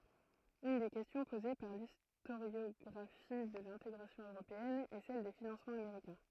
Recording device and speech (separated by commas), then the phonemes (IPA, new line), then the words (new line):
throat microphone, read sentence
yn de kɛstjɔ̃ poze paʁ listoʁjɔɡʁafi də lɛ̃teɡʁasjɔ̃ øʁopeɛn ɛ sɛl de finɑ̃smɑ̃z ameʁikɛ̃
Une des questions posée par l'historiographie de l'intégration européenne est celle des financements américains.